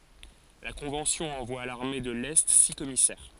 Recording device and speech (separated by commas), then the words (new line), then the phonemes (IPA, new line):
forehead accelerometer, read sentence
La Convention envoie à l'armée de l'Est six commissaires.
la kɔ̃vɑ̃sjɔ̃ ɑ̃vwa a laʁme də lɛ si kɔmisɛʁ